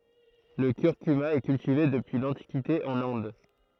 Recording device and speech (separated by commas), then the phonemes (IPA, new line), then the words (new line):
throat microphone, read sentence
lə kyʁkyma ɛ kyltive dəpyi lɑ̃tikite ɑ̃n ɛ̃d
Le curcuma est cultivé depuis l'Antiquité en Inde.